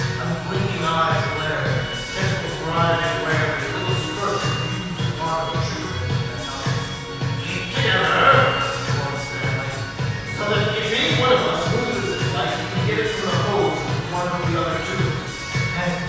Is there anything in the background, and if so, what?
Music.